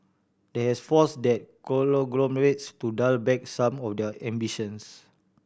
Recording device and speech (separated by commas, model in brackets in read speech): boundary microphone (BM630), read sentence